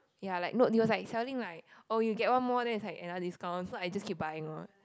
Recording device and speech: close-talking microphone, conversation in the same room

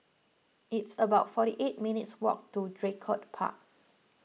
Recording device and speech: mobile phone (iPhone 6), read sentence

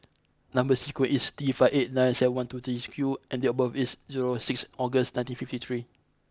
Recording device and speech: close-talking microphone (WH20), read sentence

